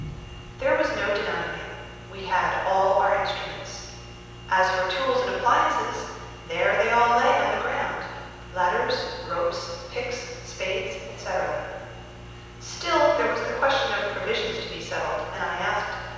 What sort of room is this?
A large, very reverberant room.